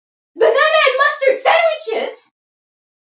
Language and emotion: English, surprised